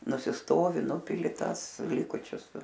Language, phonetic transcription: Lithuanian, nusisˈtovi ˈnupili ˈtąs ˈlikučius

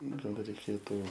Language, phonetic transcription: Lithuanian, ˈnu gal reiˈkėtų

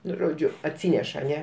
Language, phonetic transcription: Lithuanian, ˈnu ˈžodžiu atˈsyneš aˈne

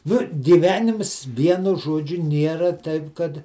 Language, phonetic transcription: Lithuanian, ˈnu giˈvenims ˈvienu ˈžuodžiu ˈniera ˈtaip ˈkad

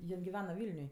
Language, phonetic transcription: Lithuanian, ˈjin giˈvena ˈvylniuj

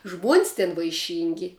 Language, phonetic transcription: Lithuanian, žmuon's' tin vaiˈšyngi

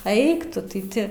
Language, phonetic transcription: Lithuanian, ˈeik ˈtu tai ˈti

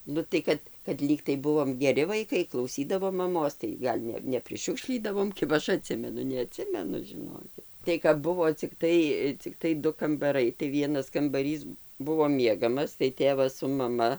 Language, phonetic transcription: Lithuanian, ˈnu tai kad kad ˈlygtai ˈbuvom geˈri vaiˈkai klauˈsydavom maˈmos tai ˈgal' ne nepriˈšiukšlydavom ˈkiba ˈaš aˈtsimenu neaˈtsimenu žiˈnokit tai kap ˈbuvo cikˈtai cikˈtai ˈdu kambaˈrai tai ˈvienas kambaˈrys ˈbuvo ˈmiegamas tai ˈtėvas su maˈma

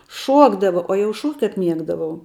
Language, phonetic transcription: Lithuanian, ˈšuokdava o jau ˈšuok't' kap ˈmiegdavau

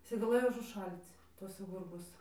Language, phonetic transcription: Lithuanian, iˈsai gaˈlɘjo užuˈšal'c ˈtuosa ˈgurbuos

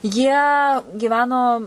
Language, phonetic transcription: Lithuanian, jie gyˈveno

